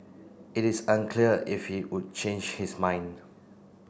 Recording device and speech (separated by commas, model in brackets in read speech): boundary microphone (BM630), read sentence